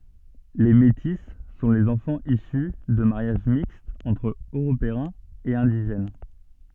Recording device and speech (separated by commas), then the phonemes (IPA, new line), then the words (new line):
soft in-ear microphone, read sentence
le meti sɔ̃ lez ɑ̃fɑ̃z isy də maʁjaʒ mikstz ɑ̃tʁ øʁopeɛ̃z e ɛ̃diʒɛn
Les métis sont les enfants issus de mariages mixtes entre Européens et indigènes.